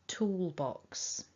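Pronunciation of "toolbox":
In 'toolbox' there is a little break between the l and the b, so the two sounds are not glided together.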